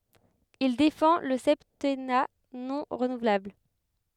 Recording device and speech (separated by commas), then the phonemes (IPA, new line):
headset microphone, read sentence
il defɑ̃ lə sɛptɛna nɔ̃ ʁənuvlabl